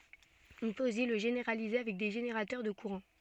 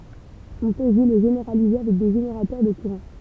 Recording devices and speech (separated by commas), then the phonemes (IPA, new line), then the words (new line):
soft in-ear microphone, temple vibration pickup, read sentence
ɔ̃ pøt osi lə ʒeneʁalize avɛk de ʒeneʁatœʁ də kuʁɑ̃
On peut aussi le généraliser avec des générateurs de courants.